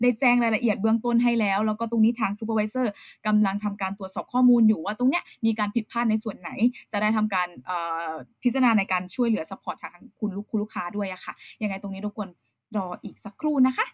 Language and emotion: Thai, neutral